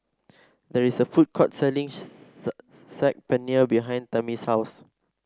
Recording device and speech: standing microphone (AKG C214), read sentence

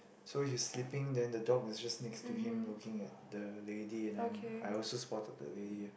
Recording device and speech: boundary microphone, conversation in the same room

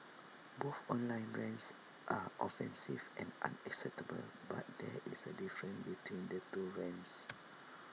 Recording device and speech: mobile phone (iPhone 6), read sentence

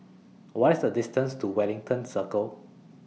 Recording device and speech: mobile phone (iPhone 6), read sentence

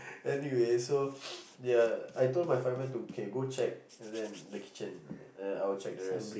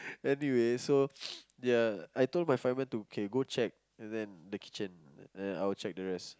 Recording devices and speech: boundary microphone, close-talking microphone, conversation in the same room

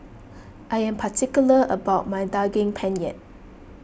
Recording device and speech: boundary microphone (BM630), read sentence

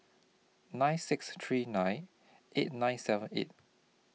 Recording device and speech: mobile phone (iPhone 6), read sentence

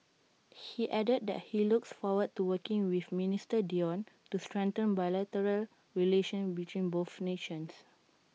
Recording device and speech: mobile phone (iPhone 6), read sentence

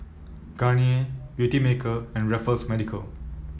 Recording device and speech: mobile phone (iPhone 7), read sentence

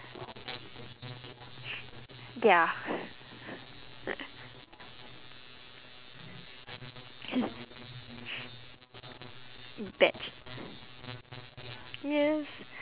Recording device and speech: telephone, conversation in separate rooms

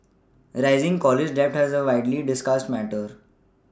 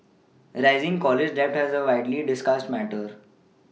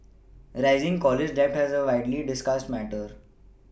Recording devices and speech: standing microphone (AKG C214), mobile phone (iPhone 6), boundary microphone (BM630), read sentence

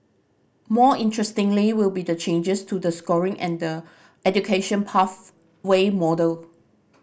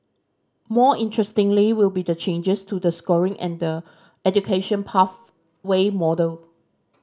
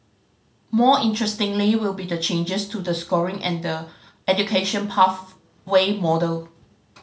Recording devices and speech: boundary microphone (BM630), standing microphone (AKG C214), mobile phone (Samsung C5010), read sentence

